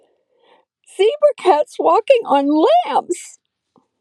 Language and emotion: English, sad